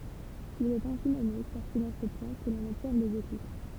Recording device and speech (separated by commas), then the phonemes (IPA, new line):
temple vibration pickup, read sentence
il ɛt ɛ̃si nɔme kaʁ sɛ dɑ̃ sə plɑ̃ kə lɔ̃n ɔbsɛʁv lez eklips